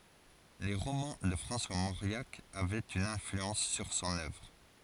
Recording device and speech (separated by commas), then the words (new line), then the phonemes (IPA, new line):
forehead accelerometer, read sentence
Les romans de François Mauriac avaient une influence sur son œuvre.
le ʁomɑ̃ də fʁɑ̃swa moʁjak avɛt yn ɛ̃flyɑ̃s syʁ sɔ̃n œvʁ